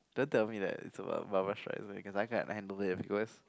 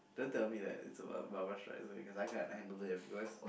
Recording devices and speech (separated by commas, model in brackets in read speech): close-talking microphone, boundary microphone, conversation in the same room